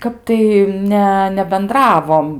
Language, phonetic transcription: Lithuanian, ˈkap tai ˈne nebenˈdravom

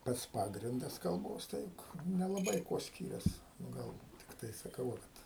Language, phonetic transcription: Lithuanian, ˈpats ˈpagrindas kalˈbos ˈtai nelaˈbai ˈkuo ˈskyrias nu ˈgal tikˈtai saˈkau va ˈkad

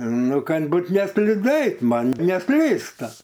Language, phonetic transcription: Lithuanian, ˈnu ˈkad ˈbūt nesliˈdu ˈait ˈman neˈslysta

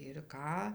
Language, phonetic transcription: Lithuanian, ir ˈką

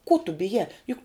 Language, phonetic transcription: Lithuanian, kuo tu biˈjā ˈjuk

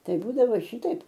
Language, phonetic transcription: Lithuanian, ˈtai ˈbūdavo ˈšitaip

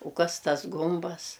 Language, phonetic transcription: Lithuanian, u ˈkas ˈtas ˈgumbas

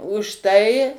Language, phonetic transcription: Lithuanian, už ˈtai

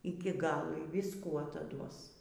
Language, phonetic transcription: Lithuanian, iki ˈgalo y visˈkų ataˈduos

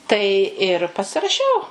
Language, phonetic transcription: Lithuanian, tai ir pasiraˈšiau

